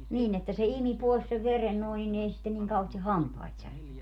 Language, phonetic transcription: Finnish, 'niin ‿että se 'imi 'pòis sev 'veren nòin ni'n ‿ei sitten niŋ kauheesti "hampait särkeny .
- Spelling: niin että se imi pois sen veren noin niin ei sitten niin kauheasti hampaita särkenyt

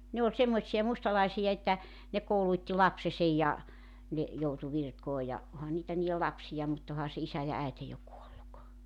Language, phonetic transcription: Finnish, ne oĺ 'semmoⁱtsija 'mustalaisija että , ne 'kouluⁱtti "lapsesej ja , ne , joutu 'virkoo ja , 'oha niitä niijel "lapsija mut 'oha se 'isä ja 'äete jo 'kuolluk .
- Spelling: ne oli semmoisia mustalaisia että ne koulutti lapsensa ja ne joutui virkoihin ja onhan niitä niiden lapsia mutta onhan se isä ja äiti jo kuollut

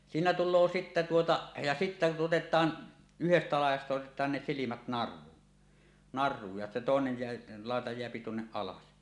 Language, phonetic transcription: Finnish, siinä tul̆loo 'sittä tuota , ja sittä 'otet̀aan , yhestä làij̆jasta otet̀aan ne silimät 'nar̆ruun , 'nar̆ruuj ja 'tòenej jeä- , 'làeta jeäpi "tuonneˀ "ˀalas .
- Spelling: siinä tulee sitten tuota ja sitten otetaan yhdestä laidasta otetaan ne silmät naruun naruun ja toinen jää laita jää tuonne alas

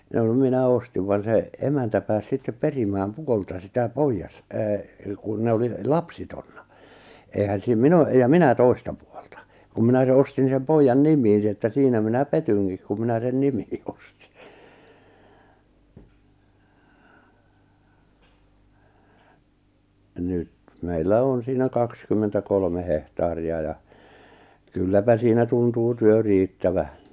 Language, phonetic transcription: Finnish, ʿjaʾ no 'minä "ostiv van se , 'emäntä pääs 'sittep "perimääm "puolta sitä 'poijas- , e- , kun ne oli , "lapsitonna , èihän siim "min ‿o- , ja "minä 'toi̬sta pᴜᴏʟtᴀ , kum minä se 'ostin sem 'poijjan 'nim̀iin ni että 'siinä minä "petyŋkik ku 'minä sen 'nimɪɪ ᴏstɪ , nyt , meillä "on siinä 'kakskymmentä'kolme 'hehtaari₍a ja , 'kylläpä siinä 'tuntuu "työ 'riittävä .
- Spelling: ja no minä ostin vaan se emäntä pääsi sitten perimään puolta sitä - - kun ne oli lapsettomia eihän siinä minä - ja minä toista puolta kun minä se ostin sen pojan nimiin niin että siinä minä petyinkin kun minä sen nimiin ostin nyt meillä on siinä kaksikymmentäkolme hehtaaria ja kylläpä siinä tuntuu työ riittävän

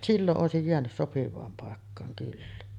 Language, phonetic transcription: Finnish, 'silloˀ ˀòesij jeänys 'sopiv̀aam pàekkaaŋ kyllä .
- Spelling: silloin olisi jäänyt sopivaan paikkaan kyllä

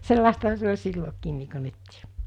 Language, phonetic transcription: Finnish, 'sellàestaha se oĺ 'sillokiin̆ nii ko 'nyttɪɪ .
- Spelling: sellaistahan se oli silloinkin niin kuin nytkin

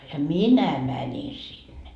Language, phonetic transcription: Finnish, ja "minä "mäńin sinne .
- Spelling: ja minä menin sinne

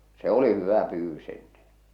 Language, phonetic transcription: Finnish, se ‿'oli "hyvä 'pyyvvys ‿enneḛ .
- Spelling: se oli hyvä pyydys ennen

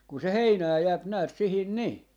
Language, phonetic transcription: Finnish, 'kun se "heinää 'jääp näät 'sihin 'nii .
- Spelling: kun se heinää jää näet siihen niin

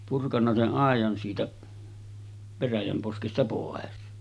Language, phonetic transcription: Finnish, purkanna se’ '’àejan siitä , 'veräjäm poskesta pòes .
- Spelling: purkanut sen aidan siitä veräjän poskesta pois

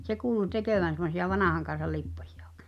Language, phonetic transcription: Finnish, se kuulu 'tekövän semosi₍a "vanàʰaŋkan̬sal̆ 'lipposɪᴊᴀ (ᴏ̀ᴋᴇ) .
- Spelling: se kuului tekevän semmoisia vanhan kansan lipposia oikein

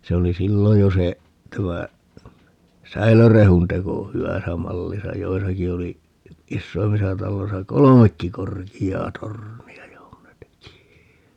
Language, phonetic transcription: Finnish, 'se oli 'sillo jo se , 'tämä , "säilörehun teko , 'hywäsä 'mallisa - 'joisaki oli , "issoimmisa 'talloisa "kolomekki 'korki₍aa 'torni₍a 'johon ne teki .
- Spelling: se oli silloin jo se tämä säilörehun teko hyvässä mallissa joissakin oli isoimmissa taloissa kolmekin korkeaa tornia johon ne teki

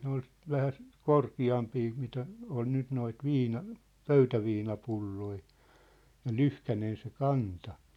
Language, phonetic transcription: Finnish, ne ‿ol , 'vähäst , "korki₍ampii mitä , on 'nyt noit "viina- , "pöytäviina'pulloi , ja "lyhkänen se "kanta .
- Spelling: ne oli vähän korkeampia mitä on nyt noita - pöytäviinapulloja ja lyhkäinen se kanta

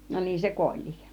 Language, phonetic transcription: Finnish, no 'niin se "kuol̆-lIIˀ .
- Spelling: no niin se kuolikin

